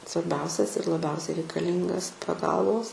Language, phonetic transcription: Lithuanian, svarˈbiausias ir laˈbiausiai reikaˈlyngas paˈgalvos

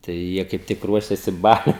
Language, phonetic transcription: Lithuanian, tai ˈjie kaip ˈtik ˈruošėsi ˈbaliui

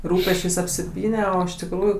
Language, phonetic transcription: Lithuanian, ˈrūpesčės' apsiˈpyne o iš tikˈrųju

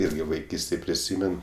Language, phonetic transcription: Lithuanian, ˈirgi vaiˈkystėj priˈsymen

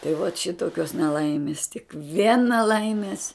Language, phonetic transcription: Lithuanian, tai vat ˈšitokios neˈlaimis tik ˈvien neˈlaimės

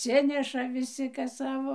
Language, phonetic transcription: Lithuanian, atˈsineša viˈsi ˈkas ˈsavo

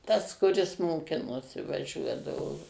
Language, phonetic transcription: Lithuanian, tas kuˈris moˈkinosi vaˈžiuodavo

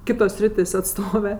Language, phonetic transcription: Lithuanian, ˈkitos ˈsritės' atˈstove

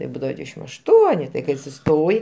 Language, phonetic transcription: Lithuanian, taip ˈbūdava ˈdvydešim ašˈtuoni tai ˈkai atsiˈstoji

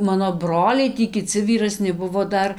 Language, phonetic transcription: Lithuanian, ˈmano ˈbroliai ˈtį kiˈci vyraˈsni ˈbuvo ˈdar

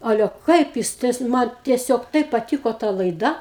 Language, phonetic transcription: Lithuanian, ˈale ˈkaip jis tais ˈman tieˈsiog ˈtaip paˈtyko ta laiˈda

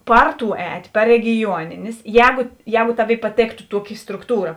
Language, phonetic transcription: Lithuanian, ˈpar ˌtų ˈēt' par regiˈjuoninės ˈjēguˈjēgu ˈtaˌvėi paˈtėktu ˈtuoˌki strukˈtūra

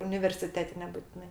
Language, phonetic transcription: Lithuanian, universiˈtete nebutiˈnai

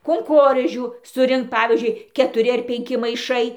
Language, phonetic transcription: Lithuanian, kunˈkorėžių suˈrinkt ˈpavyzdžiui ketuˈri ˈar penˈki maiˈšai

